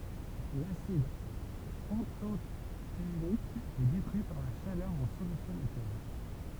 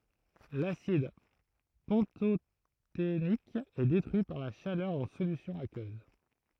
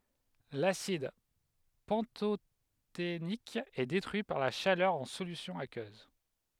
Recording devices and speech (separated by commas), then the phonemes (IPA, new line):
temple vibration pickup, throat microphone, headset microphone, read sentence
lasid pɑ̃totenik ɛ detʁyi paʁ la ʃalœʁ ɑ̃ solysjɔ̃ akøz